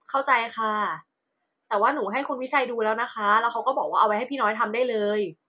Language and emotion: Thai, frustrated